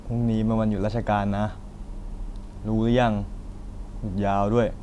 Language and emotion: Thai, frustrated